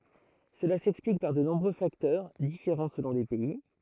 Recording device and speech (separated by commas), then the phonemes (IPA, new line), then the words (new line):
throat microphone, read sentence
səla sɛksplik paʁ də nɔ̃bʁø faktœʁ difeʁɑ̃ səlɔ̃ le pɛi
Cela s'explique par de nombreux facteurs, différents selon les pays.